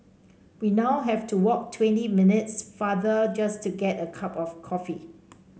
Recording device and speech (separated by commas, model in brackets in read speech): mobile phone (Samsung C5), read sentence